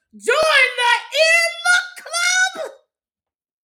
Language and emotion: English, angry